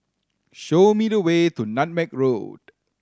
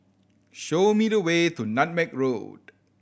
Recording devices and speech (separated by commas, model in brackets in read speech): standing microphone (AKG C214), boundary microphone (BM630), read sentence